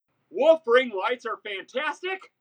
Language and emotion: English, surprised